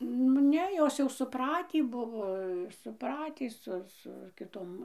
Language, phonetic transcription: Lithuanian, nu ˈne ˈjos jau suˈpratį ˈbuvo suˈpratį ˈsu su kiˈtom

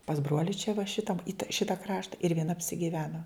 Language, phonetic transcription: Lithuanian, pas ˈbruoli čia va ˈšitam it ˈšita ˈkrašta ir vieˈna apsigiˈveno

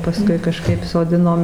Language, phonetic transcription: Lithuanian, paˈskui kaˈžkaip soˈdinom

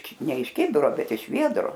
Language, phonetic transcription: Lithuanian, ˈne iš ˈkibiro ˈbet iš ˈviedro

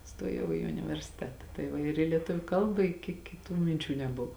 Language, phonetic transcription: Lithuanian, ˈstojau i universiˈteta tai ˈva ir i lieˈtuviu ˈkalba i ki kiˈtų minˈčių neˈbuvo

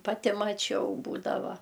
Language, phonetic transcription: Lithuanian, paˈti maˈčiau ˈbūdava

